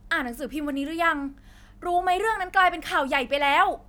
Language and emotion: Thai, angry